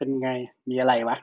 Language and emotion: Thai, happy